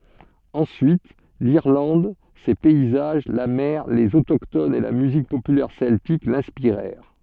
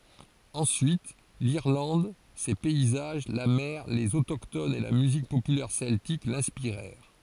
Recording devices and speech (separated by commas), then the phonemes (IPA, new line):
soft in-ear microphone, forehead accelerometer, read sentence
ɑ̃syit liʁlɑ̃d se pɛizaʒ la mɛʁ lez otoktonz e la myzik popylɛʁ sɛltik lɛ̃spiʁɛʁ